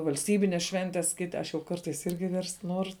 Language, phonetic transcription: Lithuanian, valsˈtybines ˈšventes ˈkiti ˈaš jau ˈkartais ˈirgi verst ˈnuoru

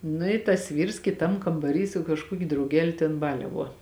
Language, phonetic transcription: Lithuanian, ˈnu i tas ˈvyrs kiˈtam kambaˈry su kažˈkuokiu drauˈgeliu ten ˈbaliavuo

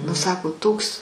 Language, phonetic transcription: Lithuanian, nu ˈsako ˈtoks

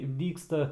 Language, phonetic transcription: Lithuanian, ˈdygsta

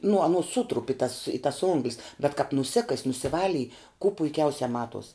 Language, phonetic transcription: Lithuanian, nu aˈnos ˈsutrup i tas i tas ˈonglis bet kap nuˈsikas' nusiˈvalij kū puiˈkiausia ˈmatuos

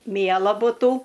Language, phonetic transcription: Lithuanian, ˈmiela buˈtų

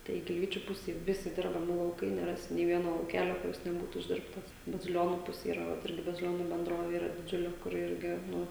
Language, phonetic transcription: Lithuanian, tai gilˈvyčiu ˈpusėj ˈvisi ˈdirbami lauˈkai neˈrasi nė ˈvieno lauˈkelio kuˈris neˈbūtu išˈdirbtas baziˈlionų ˈpusė yˈra ˈvat ˈirgi baziˈlionu benˈdrovė yˈra diˈdžiuli kuˈri ˈirgi ˈnu

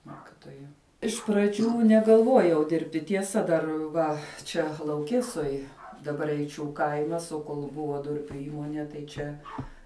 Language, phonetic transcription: Lithuanian, ˈmokitoja iš praˈdžių negalˈvuojau ˈdirbti tieˈsa ˈdar ˈva ˈčia lauˈkesoj daˈbar eiˈčių ˈkaimas o ˈkol ˈbuva ˈdurpiu ˈįmonie tai ˈčia

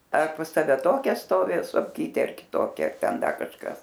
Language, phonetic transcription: Lithuanian, ar pas ˈtave ˈtokia ˈstovi sofˈkytė ar kiˈtokia ar ˈten ˈda kažˈkas

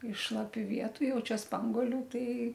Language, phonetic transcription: Lithuanian, iš šlaˈpių ˈvietu ˈjau ˈčia ˈspanguoliu ˈtai

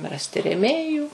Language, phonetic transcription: Lithuanian, ˈrasti reˈmėjų

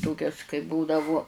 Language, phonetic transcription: Lithuanian, ˈtokias kai ˈbūdavu

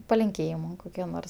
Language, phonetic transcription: Lithuanian, palinˈkėjimu ˈkokiu ˈnors

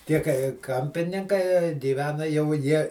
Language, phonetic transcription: Lithuanian, ˈtie kai ˈkampininkai gyˈvena jau ˈjie

